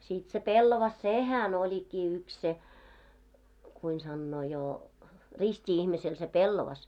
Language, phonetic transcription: Finnish, siit se 'pellavas "sehän oĺikkii yks 'se , kuin sannoo jo , 'rist́i 'ihmisel se "pellɔvas .
- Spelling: siitä se pellava sehän olikin yksi se kuinka sanoo jo risti ihmisellä se pellava

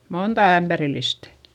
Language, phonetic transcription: Finnish, monta ämBärillistÄ .
- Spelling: monta ämpärillistä

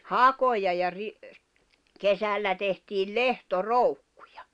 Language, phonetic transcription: Finnish, hakoja ja 'ri- , 'kesällä tehtiil "lehto"roukkᴜᴊᴀ .
- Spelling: hakoja ja - kesällä tehtiin lehtoroukkuja

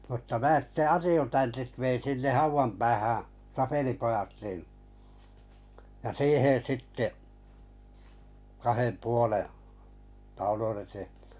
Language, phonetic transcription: Finnish, mutta mää 'sitte "atjutantit vein sinneh 'hauvam päähää̰ , 'sapelipojat nin , ja 'siihen̬ 'sitte , kahem 'puoleᵉ , taulun ete(hᴇ) .
- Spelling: mutta minä sitten adjutantit vein sinne haudan päähän sapelipojat niin ja siihen sitten kahden puolen taulun eteen

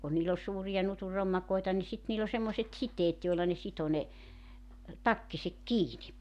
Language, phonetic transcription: Finnish, kun niil ‿oĺ 'suurija nutur 'rommakoeta ni 'sit niil ‿o semmoset "siteet joella ne 'sito ne , "takkisek "kiini .
- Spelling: kun niillä oli suuria nutun rommakoita niin sitten niillä oli semmoiset siteet joilla ne sitoi ne takkinsa kiinni

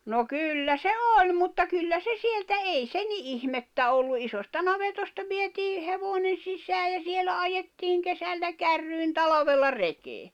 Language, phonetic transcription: Finnish, no 'kyllä se "òĺ mutta 'kyllä se 'sieltä '’ei se ni '’ihmettä ollu '’isosta 'navetosta vietii , 'hevònen̬ 'sisää ja 'sielä 'ajettiiŋ 'kesällä 'kärryin 'talavella 'rekee .
- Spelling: no kyllä se oli mutta kyllä se sieltä ei se niin ihmettä ollut isosta navetasta vietiin hevonen sisään ja siellä ajettiin kesällä kärryihin talvella rekeen

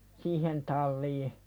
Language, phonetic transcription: Finnish, siihen "tal̆lii .
- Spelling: siihen taliin

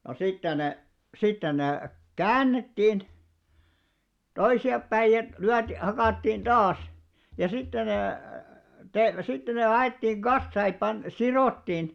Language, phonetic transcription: Finnish, no 'sitten ne , 'sitten nè , "käännettiin , 'toisi₍appäij ja , lyät- , 'hakàttiin "ᴅaas , ja sitte ne te- , sitten ne 'laiᵗᵉttìŋ "ɢassaa ei pan- "siròttiin .
- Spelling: no sitten ne sitten ne käännettiin toisinpäin ja - hakattiin taas ja sitten ne - sitten ne laitettiin kasaan ei - sidottiin

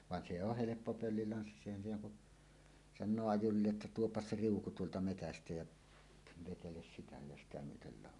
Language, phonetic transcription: Finnish, van se oh "heleppo 'pöllilanssissa èihän siinä ku , 'san̆noo 'ajurille" ’että » "tuoppas "se "riuku tuolta 'metästä jä , 'veteles 'sitä ja 'sitä myötel lào « .
- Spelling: vaan se on helppo pöllilanssissa eihän siinä kun sanoo ajurille että tuo se riuku tuolta metsästä ja vetele sitä ja sitä myöten lado

